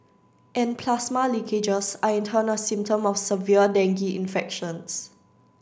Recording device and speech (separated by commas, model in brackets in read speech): standing microphone (AKG C214), read sentence